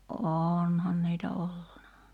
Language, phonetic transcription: Finnish, '’onhan niitä 'olluna .
- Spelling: onhan niitä ollut

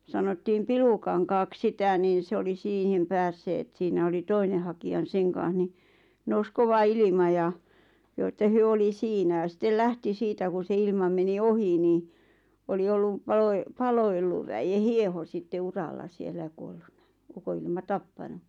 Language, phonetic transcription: Finnish, 'sanottiim "Pilukaŋkaak 'sità' niin̬ se oli 'siihim 'päässeet siinä oli 'toine haki₍a n- 'seŋ kaaa̰ʰ ni , nous 'kova 'ilima ja , joo ᵉttä 'hyö oli "siinä ja 'sittel 'lähti 'siitä ku se 'ilma meni "ohi ni , 'oli ollu , 'Palo₍e- , 'Palo₍elluv väje 'hieho sitte 'uralla siellä ʲᵃ 'kuollunna , 'uko₍ilma "tappanu .
- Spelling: sanottiin Pilukankaaksi sitä niin se oli siihen päässeet siinä oli toinen hakija - sen kanssa niin nousi kova ilma ja joo että he oli siinä ja sitten lähti siitä kun se ilma meni ohi niin oli ollut - Palo-Ellun väen hieho sitten uralla siellä ja kuolleena ukonilma tappanut

